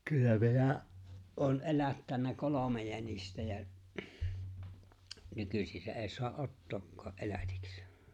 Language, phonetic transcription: Finnish, kyllä 'minä’ , ’oon "’elättännä 'kolome jänistä jä , 'nykysisä '’eeⁱ soa’ "’ottookkaa’ '’elätiks .
- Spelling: kyllä minä olen elättänyt kolme jänistä ja nykyisinhän ei saa ottaakaan elätiksi

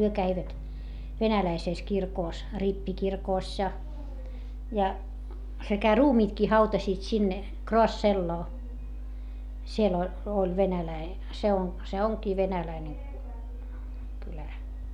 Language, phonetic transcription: Finnish, hyö käivät , venäläisès kirkòs , rippikirkòś ja , ja , sekä ruumiitkii hautasiit sinne , Kroasselloo , siel ‿ol , oĺ venäläi- , se on , se oŋkii venäläine , kylä .
- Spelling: he kävivät venäläisessä kirkossa rippikirkossa ja ja sekä ruumiitkin hautasivat sinne Kraasseloon siellä oli oli - se on se onkin venäläinen kylä

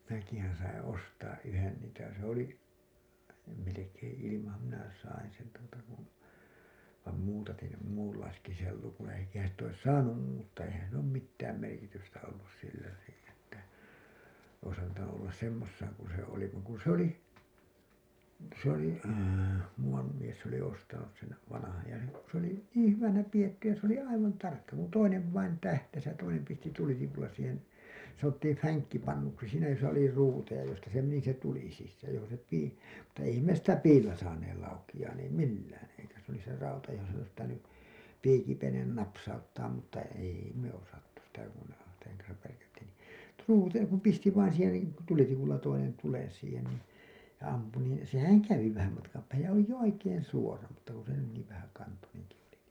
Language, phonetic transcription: Finnish, 'minäkihän̬ saiḭ ostaa 'ˀyhen niitä se ‿oli , ja melekeḛ ilimaham minä sain̬ sen tuota kun̬ , vàm muutatin̬ sem muullaiseksi sei lukuṵ eikähän̬ sit ‿ois "saanum muuttaa 'eihän sill ‿oom 'mittääm merkitystä ollus sillä , niiḭ että , ois antanu 'ollas 'semmossaaŋ kun̬ se 'oli vaŋ ku ‿s ‿oli , vaŋ ku ‿s ‿oli , muuwam mies se ‿oli ostanus sen̬ , vanahaj ja , sit(te) , ku s ‿oli "niiḭ 'hyvänä 'pijetty ja s ‿oli "aivan 'tarkka , kun'toinev vain 'tähtäs ja 'toinem pisti 'tulitikulla siihen̬ , sanottiim 'fäŋkkipannuksi siinä josa oli 'ruuteja josta se meni se tuli sissääj ja johon̬ se 'pii , mutta eihäm me sitä "piillä saaneel laukiʲaan ei "millään , eikä s ‿oli se 'rauta johon s ‿ois pitäny , 'piikipenen napsauttaam mutta 'èi me osattu sitä kun , seŋ kansav värkättiin ni , "truuteja kum pisti vain siihen nii , 'tulitikulla toinen tulen siihen nii , ja 'ampu nii , sehäŋ 'kävi vähäm matkam päähäj ja oli jo "oikeen̬ 'suora mutta ku se ‿oli niiv 'vähäkantoneŋki jotenki .
- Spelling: minäkin sain ostaa yhden niitä se oli ja melkein ilmanhan minä sain sen tuota kun vaan muutatin sen muunlaiseksi sen lukon eikä sitä olisi saanut muuttaa eihän sillä ole mitään merkitystä ollut sillä niin että olisi antanut olla semmoisenaan kuin se oli vaan kun se oli vaan kun se oli muuan mies se oli ostanut sen vanhan ja sitten kun se oli niin hyvänä pidetty ja se oli aivan tarkka kuntoinen vain tähtäsi ja toinen pisti tulitikulla siihen sanottiin fänkkipannuksi siinä jossa oli ruuteja josta se meni se tuli sisään ja johon se piti mutta eihän me sitä piillä saaneet laukeamaan ei millään eikä se oli se rauta johon se olisi pitänyt piikipenen napsauttaa mutta ei me osattu sitä kun sen kanssa värkättiin niin ruuteja kun pisti vain siihen niin tulitikulla toinen tulen siihen niin ja ampui niin sehän kävi vähän matkan päähän ja oli jo oikein suora mutta kun se oli niin vähäkantoinenkin jotenkin

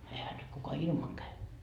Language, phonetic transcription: Finnish, 'ehä nyt kuka "ilmaŋ käy .
- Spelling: eihän nyt kuka ilman käy

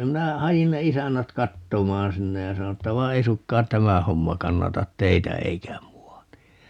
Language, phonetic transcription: Finnish, 'minä 'hajin ne "isännät 'kattomaan 'sinne ja 'sano että » 'vai 'ei sukkaan "tämä 'homma 'kannatat "teitä 'eikä 'mu₍a ni » .
- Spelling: minä hain ne isännät katsomaan sinne ja sanoin että vai ei suinkaan tämä homma kannata teitä eikä minua niin

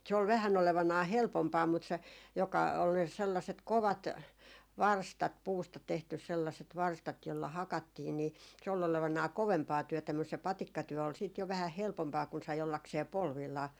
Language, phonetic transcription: Finnish, se ol 'vähän 'olevanaa "helpompaa mut se , joka ol 'sellaset 'kovat , "varstat 'puusta 'tehtys 'sellaset 'varstat jolla 'hakattiin ni , se ol 'olevanaa "kovempaa 'työtä mus se "patikkatyö ol siit jo 'vähäh "helpompaa kun sai 'ollaksee 'polvillaa .
- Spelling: se oli vähän olevinaan helpompaa mutta se joka oli sellaiset kovat varstat puusta tehty sellaiset varstat jolla hakattiin niin se oli olevinaan kovempaa työtä mutta se patikkatyö oli sitten jo vähän helpompaa kun sai ollakseen polvillaan

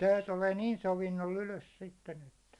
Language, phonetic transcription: Finnish, 'sè 'tulee 'niin 'sovinnoll ‿ylös sitten ‿että .
- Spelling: se tulee niin sovinnolla ylös sitten että

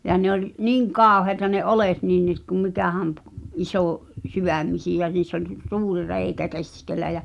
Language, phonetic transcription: Finnish, ja ne ‿oĺ , "niiŋ 'kàoheĭta ne 'olet nin nii ‿t kum 'mikä̀häm ᵖ- , '’isò- , -'syvä̀mmisijä niiss ‿oĺ , 'suuri 'reikä "keskel̆lä jä ,.
- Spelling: ja ne oli niin kauheita ne oljet niin niin - kun mikähän - - isosydämisiä niissä oli suuri reikä keskellä ja

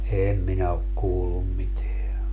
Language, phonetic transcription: Finnish, "em minä ok 'kuullum 'miteä .
- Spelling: en minä ole kuullut mitään

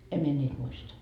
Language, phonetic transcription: Finnish, "em mie 'ńiit muista .
- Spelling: en minä niitä muista

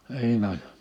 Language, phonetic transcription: Finnish, '(n)iin ‿on .
- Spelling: niin on

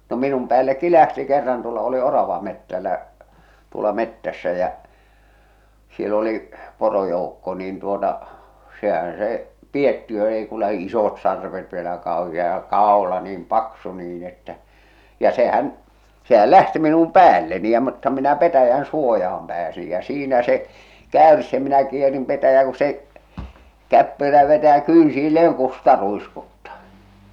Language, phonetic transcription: Finnish, no 'minum päällekki "lähti kerran tuolla oli 'oravamettällä , tuola 'mettässä jä , siel ‿oli , 'porojoukko niin tuota , sehän̬ se , "piettiö ei ku lähi , 'isot sarvet vielä kàohia ja "kàola niim "paksu nii'n ‿että , ja 'se'hän , 'sehäl "lähti minum "päälleni ja mutta minä 'petäjän "suojaham pääsij jä 'siinä se , 'kä̀örs ja minä kierim petäjää ku se , 'käppyrä vetä̳ jä 'kyynsiilleeŋ 'kusta ruiskuttaa .
- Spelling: no minun päällekin lähti kerran tuolla olin oravametsällä tuolla metsässä ja siellä oli porojoukko niin tuota sehän se piettiö ei kuin lähti isot sarvet vielä kauhea ja kaula niin paksu niin että ja sehän sehän lähti minun päälleni ja mutta minä petäjän suojaan pääsin ja siinä se käyrsi ja minä kierin petäjään kun se käppyrä vetää ja kynsilleen kusta ruiskuttaa

